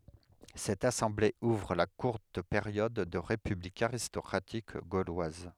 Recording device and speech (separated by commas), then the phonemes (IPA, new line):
headset microphone, read sentence
sɛt asɑ̃ble uvʁ la kuʁt peʁjɔd də ʁepyblik aʁistɔkʁatik ɡolwaz